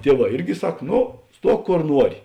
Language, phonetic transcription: Lithuanian, ˈtieˌvā ˈirgi ˈsak ˈno ˈstuok ˈkor ˈnuori

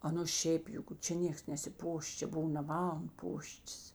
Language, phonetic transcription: Lithuanian, ˈaˌnu ˈšeip ˈjug ˈčia ˈnėks nesiˈpoš ˈčia ˈbuv na ˈman ˈpoštis

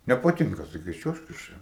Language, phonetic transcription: Lithuanian, nepaˈtinka saˈkys ˈčiuožk iš ˈčia

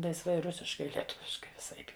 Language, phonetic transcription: Lithuanian, laisˈvai ˈrusiškai lieˈtuviškai viˈsaip

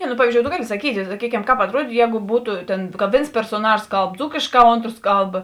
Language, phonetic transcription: Lithuanian, ne nu ˈpavyzdžiou to ˈgali saˈkyti saˈkykem ˈkāp atˈruodytu ˈjēgu ˈbūtu ˈtėn ka ˈvėns persoˈnažos ˈkalb ˈdzūkėšˌkā ˈontros ˈkalb

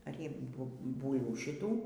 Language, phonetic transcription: Lithuanian, ˈar ˈji ˈbu ˈbūlvų šiˈtų

